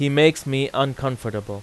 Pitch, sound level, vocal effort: 135 Hz, 91 dB SPL, very loud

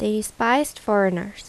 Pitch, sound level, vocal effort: 205 Hz, 80 dB SPL, normal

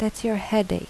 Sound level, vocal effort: 80 dB SPL, soft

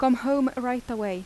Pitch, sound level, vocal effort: 250 Hz, 86 dB SPL, normal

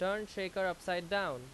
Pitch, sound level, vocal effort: 190 Hz, 92 dB SPL, very loud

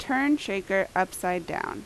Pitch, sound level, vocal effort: 195 Hz, 84 dB SPL, loud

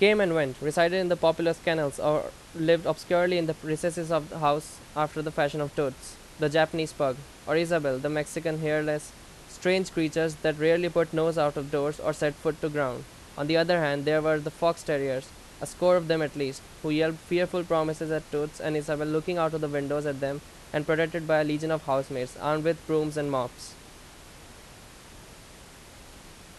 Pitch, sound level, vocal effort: 155 Hz, 88 dB SPL, very loud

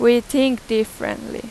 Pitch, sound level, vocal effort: 235 Hz, 89 dB SPL, very loud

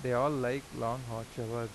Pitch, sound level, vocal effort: 120 Hz, 88 dB SPL, normal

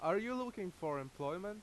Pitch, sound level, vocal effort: 180 Hz, 90 dB SPL, very loud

